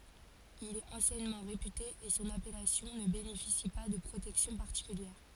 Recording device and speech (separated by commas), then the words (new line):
forehead accelerometer, read sentence
Il est anciennement réputé et son appellation ne bénéficie pas de protection particulière.